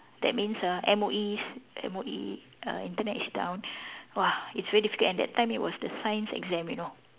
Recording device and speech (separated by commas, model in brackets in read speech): telephone, conversation in separate rooms